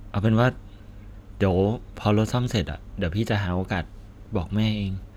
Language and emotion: Thai, sad